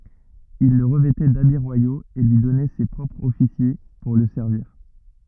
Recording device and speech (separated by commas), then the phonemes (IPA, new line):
rigid in-ear microphone, read sentence
il lə ʁəvɛtɛ dabi ʁwajoz e lyi dɔnɛ se pʁɔpʁz ɔfisje puʁ lə sɛʁviʁ